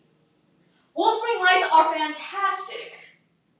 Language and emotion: English, happy